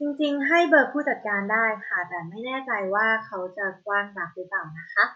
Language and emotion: Thai, neutral